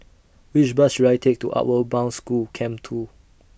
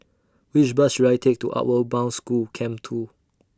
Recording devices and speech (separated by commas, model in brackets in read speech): boundary microphone (BM630), standing microphone (AKG C214), read sentence